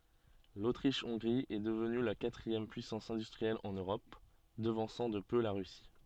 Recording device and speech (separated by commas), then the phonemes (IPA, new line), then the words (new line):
soft in-ear microphone, read sentence
lotʁiʃ ɔ̃ɡʁi ɛ dəvny la katʁiɛm pyisɑ̃s ɛ̃dystʁiɛl ɑ̃n øʁɔp dəvɑ̃sɑ̃ də pø la ʁysi
L'Autriche-Hongrie est devenue la quatrième puissance industrielle en Europe, devançant de peu la Russie.